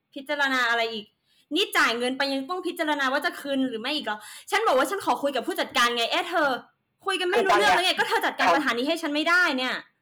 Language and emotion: Thai, angry